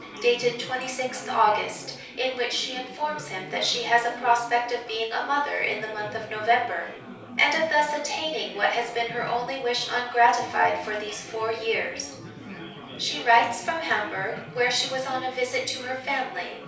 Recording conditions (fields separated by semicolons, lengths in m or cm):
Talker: one person; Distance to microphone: 3.0 m; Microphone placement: far; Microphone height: 1.8 m; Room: small (3.7 m by 2.7 m); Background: babble